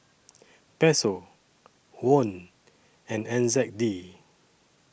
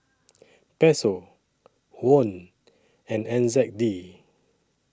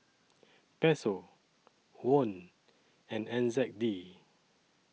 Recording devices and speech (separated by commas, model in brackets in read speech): boundary microphone (BM630), standing microphone (AKG C214), mobile phone (iPhone 6), read sentence